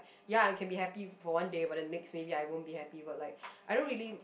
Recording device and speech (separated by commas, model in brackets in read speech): boundary microphone, conversation in the same room